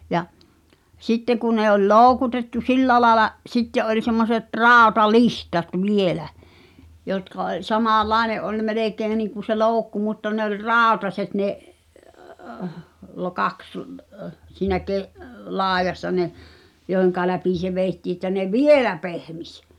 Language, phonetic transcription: Finnish, ja , 'sitte ku ne oĺ "lòu̬kutettu "sillä laaᵉla , 'sitte’ ’oĺ semmoset 'ràota"lihtat "vielä , jotka oĺ , 'samàl"làene’ ’oĺ 'melèkeeⁱ niiŋku se "looᵘkku mutta ne ‿oĺ "ràotaset ne’ , lo'kaks , siinä 'ke’- , "laaᵉjassa ne , jòi̬ʰeŋka läpi se 'vèi̬ttii ‿ttä ne "vielä 'pehmis .
- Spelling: ja sitten kun ne oli loukutettu sillä lailla sitten oli semmoiset rautalihdat vielä jotka oli samanlainen oli melkein niin kuin se loukku mutta ne oli rautaiset ne kaksi siinä - laidassa ne joiden läpi se vedettiin että ne vielä pehmisi

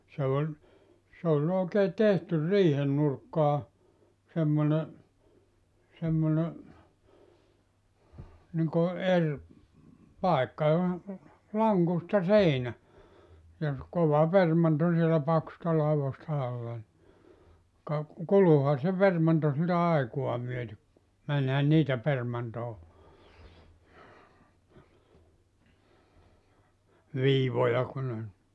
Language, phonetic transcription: Finnish, se oĺ , s ‿oĺ ookee 'tehtyr 'riihen nurkkaa , semmone , semmone , niŋko 'er , 'pàekka (joho) , 'laŋkusta "seinä , ja ‿s[e] 'kova 'permanto sielä 'paksᵘsta 'lauvosta 'alla ni , ka , "kuluha se 'permanto siltä 'aikua myötek ku , 'mänhän "niitä 'permantoo , 'viivoja ku ne ‿n- .
- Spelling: se oli se oli oikein tehty riihen nurkkaan semmoinen semmoinen niin kuin eri paikka johon lankusta seinä ja se kova permanto siellä paksuista laudoista alla niin ka kuluihan se permanto siltä aikaa myöten kun menihän niitä permantoon viivoja kun ne -

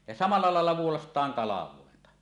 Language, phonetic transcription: Finnish, ja "samalla 'làella 'vuolast̀aaŋ "kalav̀òenta .
- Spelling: ja samalla lailla vuolaistaan kalvointa

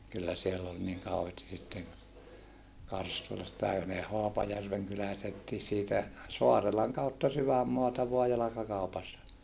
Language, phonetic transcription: Finnish, kyllä siell ‿ol niŋ kauheesti sitten , Karstulastai ja ne Hoapajärveŋ kyläläisettii siitä , Soarelaŋ kautta syvämmoata voa jalakakaupassa .
- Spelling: kyllä siellä oli niin kauheasti sitten Karstulastakin ja ne Haapajärven kyläläisetkin siitä Saarelan kautta sydänmaata vain jalkakaupassa

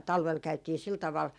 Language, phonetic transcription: Finnish, 'talvel 'käytii 'sil taval ,.
- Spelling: talvella käytiin sillä tavalla

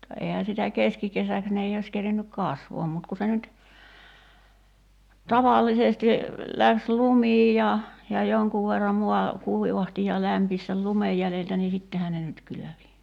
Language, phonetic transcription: Finnish, [mut]ta ehä sitä "keskikesäks 'ne ei ois 'kerinnyk "kasvɔam mut ku 'se nyt , "tavàllisesti , 'läks "lumiij ja , ja 'joŋkuv verram 'mua , "kuivahti ja 'lämpis sel "lumej jäleltä nii 'sittehä ne nyt 'kylövi .
- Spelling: mutta eihän sitä keskikesäksi ne ei olisi kerinnyt kasvamaan mutta kun se nyt tavallisesti lähti lumikin ja ja jonkun verran maa kuivahti ja lämpisi sen lumen jäljiltä niin sittenhän ne nyt kylvi

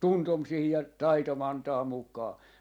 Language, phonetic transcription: Finnish, "tuntom siihi ja , "taitom 'antaa 'mukaa .
- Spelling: tuntoni siihen ja taitoni antaa mukaan

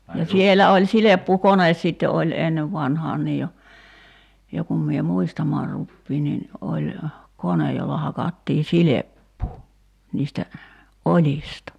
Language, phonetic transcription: Finnish, ja 'sielä oĺ 'sileppu"kones sitte oĺ 'ennev 'vanhaan 'niij jo , 'jo kum mie "muistamaar 'ruppiin nin , 'oĺ , 'konej jolla 'hakattii "sileppuu , 'niistä , "oĺista .
- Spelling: ja siellä oli silppukone sitten oli ennen vanhaan niin jo jo kun minä muistamaan rupean niin oli kone jolla hakattiin silppua niistä oljista

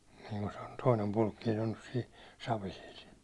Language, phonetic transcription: Finnish, niŋku sᴇ ᴏɴ , toinem Pulkkiin̬ ‿on nys siin̬ , 'Savisil .
- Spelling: niin kuin se on toinen Pulkkinen on nyt siinä Savisilla

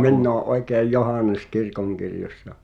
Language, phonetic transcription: Finnish, 'minn ‿oo’ '’òekèi̬j "Johànes 'kirkoŋkirjos̀sa .
- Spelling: minä olen oikein Johannes kirkonkirjoissa

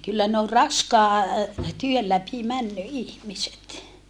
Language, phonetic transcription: Finnish, kyllä ne ol raskaa , työl läpi männy ihmiset .
- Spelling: kyllä ne on raskaan työn läpi mennyt ihmiset

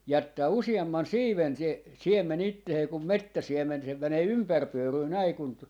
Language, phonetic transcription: Finnish, 'jättää "usi₍amman "siiven 'se , 'siemme'n ‿ittehee kum "mettä'siem̆men se , 'mänee 'ympärpyöryy 'näi kun , .
- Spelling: jättää useamman siiven se siemen itseensä kun metsäsiemen se menee ympäripyöryä näin kun

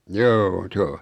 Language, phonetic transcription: Finnish, 'joo , 's ‿o ,.
- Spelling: joo se on

